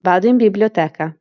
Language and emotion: Italian, neutral